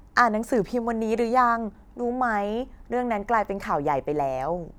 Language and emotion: Thai, neutral